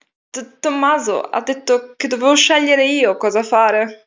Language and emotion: Italian, fearful